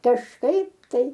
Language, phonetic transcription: Lithuanian, kažˈkaip tai

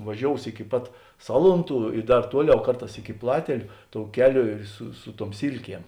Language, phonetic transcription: Lithuanian, vaˈžious iki ˈpat ˈsalunˌtų i ˈdar ˈtuoˌliau ˈkarˌtās iki ˈplateliu tou ˈkeˌlio ir su ˈsu ˌtuom ˈsylˌkiem

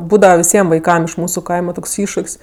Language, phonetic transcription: Lithuanian, ˈbūdava viˈsiem vaiˈkam iš ˈmūsu ˈkaima ˈtoks ˈiššuk's'

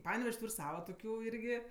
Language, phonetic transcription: Lithuanian, ˈpanevež's' ˈtūr' ˈsava toˈkių ˈirgi

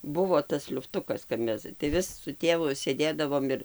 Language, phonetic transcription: Lithuanian, ˈbuvo tas liufˈtukas kap ˈmes tai ˈvis su ˈtėvu sėˈdėdavom ir

